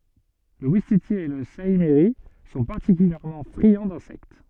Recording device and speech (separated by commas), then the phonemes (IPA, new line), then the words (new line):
soft in-ear microphone, read sentence
lə wistiti e lə saimiʁi sɔ̃ paʁtikyljɛʁmɑ̃ fʁiɑ̃ dɛ̃sɛkt
Le ouistiti et le saïmiri sont particulièrement friands d'insectes.